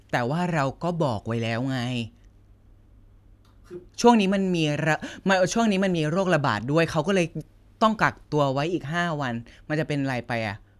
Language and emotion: Thai, frustrated